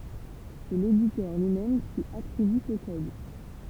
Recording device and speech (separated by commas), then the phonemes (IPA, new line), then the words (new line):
temple vibration pickup, read sentence
sɛ leditœʁ lyi mɛm ki atʁiby sə kɔd
C'est l'éditeur lui-même qui attribue ce code.